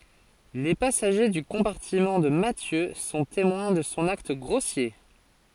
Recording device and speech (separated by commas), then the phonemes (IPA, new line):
forehead accelerometer, read sentence
le pasaʒe dy kɔ̃paʁtimɑ̃ də matjø sɔ̃ temwɛ̃ də sɔ̃ akt ɡʁosje